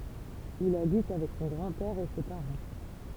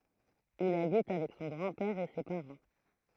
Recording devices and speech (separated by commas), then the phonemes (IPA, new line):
temple vibration pickup, throat microphone, read sentence
il abit avɛk sɔ̃ ɡʁɑ̃ pɛʁ e se paʁɑ̃